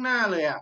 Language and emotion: Thai, frustrated